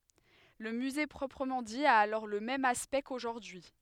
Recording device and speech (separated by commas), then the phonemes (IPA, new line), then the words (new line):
headset microphone, read sentence
lə myze pʁɔpʁəmɑ̃ di a alɔʁ lə mɛm aspɛkt koʒuʁdyi
Le musée proprement dit a alors le même aspect qu'aujourd'hui.